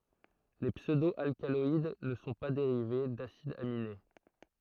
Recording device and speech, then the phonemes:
throat microphone, read sentence
le psødo alkalɔid nə sɔ̃ pa deʁive dasidz amine

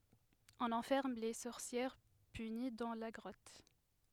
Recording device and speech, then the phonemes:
headset microphone, read sentence
ɔ̃n ɑ̃fɛʁm le sɔʁsjɛʁ pyni dɑ̃ la ɡʁɔt

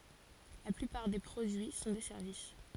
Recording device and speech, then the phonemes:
forehead accelerometer, read sentence
la plypaʁ de pʁodyi sɔ̃ de sɛʁvis

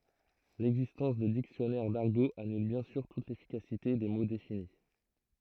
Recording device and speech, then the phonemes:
throat microphone, read sentence
lɛɡzistɑ̃s də diksjɔnɛʁ daʁɡo anyl bjɛ̃ syʁ tut lefikasite de mo defini

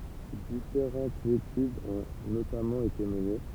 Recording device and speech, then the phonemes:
temple vibration pickup, read sentence
difeʁɑ̃tz etydz ɔ̃ notamɑ̃ ete məne

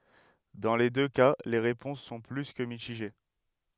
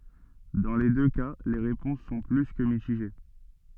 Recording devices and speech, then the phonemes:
headset microphone, soft in-ear microphone, read sentence
dɑ̃ le dø ka le ʁepɔ̃s sɔ̃ ply kə mitiʒe

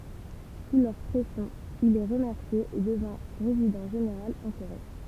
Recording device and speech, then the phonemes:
temple vibration pickup, read sentence
su lœʁ pʁɛsjɔ̃ il ɛ ʁəmɛʁsje e dəvɛ̃ ʁezidɑ̃ ʒeneʁal ɑ̃ koʁe

